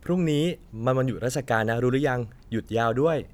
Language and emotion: Thai, neutral